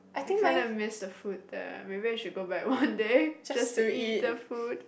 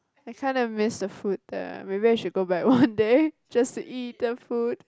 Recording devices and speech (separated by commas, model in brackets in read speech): boundary microphone, close-talking microphone, conversation in the same room